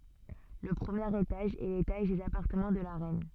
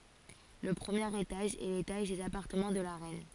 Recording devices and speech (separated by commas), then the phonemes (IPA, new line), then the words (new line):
soft in-ear microphone, forehead accelerometer, read sentence
lə pʁəmjeʁ etaʒ ɛ letaʒ dez apaʁtəmɑ̃ də la ʁɛn
Le premier étage est l'étage des appartements de la reine.